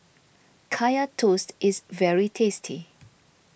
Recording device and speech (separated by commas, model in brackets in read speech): boundary microphone (BM630), read sentence